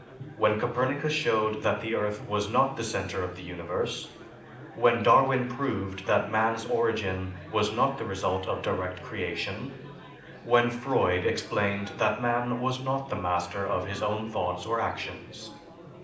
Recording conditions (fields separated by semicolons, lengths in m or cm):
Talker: one person; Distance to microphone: 2.0 m; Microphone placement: close; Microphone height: 99 cm; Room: medium-sized (5.7 m by 4.0 m); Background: babble